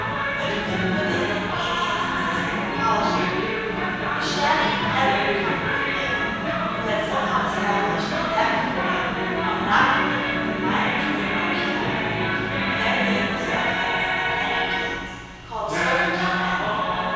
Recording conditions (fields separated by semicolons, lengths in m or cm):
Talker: one person; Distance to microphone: 7.1 m; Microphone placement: far; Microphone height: 1.7 m; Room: very reverberant, large; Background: television